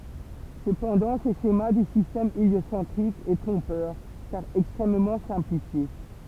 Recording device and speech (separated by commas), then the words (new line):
temple vibration pickup, read sentence
Cependant, ce schéma du système héliocentrique est trompeur, car extrêmement simplifié.